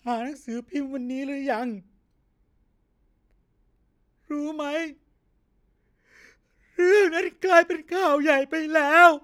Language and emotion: Thai, sad